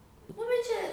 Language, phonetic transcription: Lithuanian, ˈnu bet ˈčia

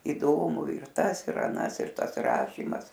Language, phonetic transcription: Lithuanian, įˈdomu ir ˈtas ir aˈnas ir ˈtas ˈrašymas

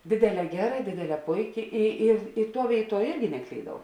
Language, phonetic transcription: Lithuanian, ˈdėdėˌlē ˈgeˌra ˈdėdėˌlē ˈpuiˌki i ir i ˈtuo ˈvėiˌtuo ˈirgi neˈklydau

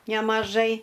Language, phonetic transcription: Lithuanian, nemaˈžai

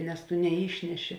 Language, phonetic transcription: Lithuanian, nes tu neˈyšneˌši

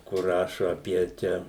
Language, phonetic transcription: Lithuanian, kur ˈrašo aˈpie ˈčia

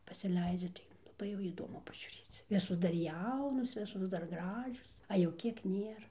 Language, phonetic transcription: Lithuanian, pasiˈleidžia tai laˈbai jau įˈdomu pažiūˈrėc ˈvisos dar ˈjaunos ˈvisos dar ˈgražios a jau ˈkiek ˈnėra

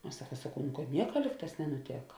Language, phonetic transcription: Lithuanian, aš ˈsaka saˈkau nu kad ˈnieka ˈlyg ˌtās nenuˈtėka

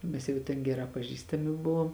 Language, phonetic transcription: Lithuanian, ˈmes jau ten ˈgeˌrā paˈžįstami ˈbuvom

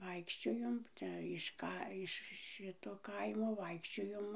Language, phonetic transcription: Lithuanian, ˈvaikščiojom ˈčia iš ˈka iš ˈšito ˈkaimo ˈvaikščiojom

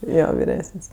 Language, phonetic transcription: Lithuanian, ˈjo viˈresən's'

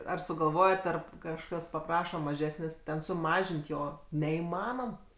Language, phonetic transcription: Lithuanian, ar sugalˈvojat ˈar kažˈkas paˈpraša maˈžesnės' ten suˈmažint' ˈjo neįˈmanom

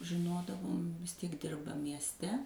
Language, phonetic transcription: Lithuanian, žiˈnodavom vis ˈtiek ˈdirba miesˈte

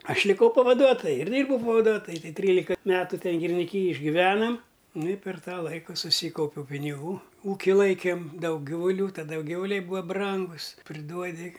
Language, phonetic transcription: Lithuanian, ˈaš liˈkau pavaˈduotoju ir ˈdyrbau pavaˈduotoju tai ˈtrylika ˈmetu ˈten giriniˈkyjej išgiˈvenam nu i per ˈtą ˈlaiku suˈsykaupiau piniˈgų ˈūki ˈlaikėm ˈdaug ˈgivuˈlių taˈda ˈjau ˈgivuˈliai ˈbūa ˈbrangus priˈduodi

